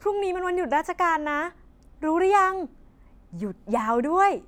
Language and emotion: Thai, happy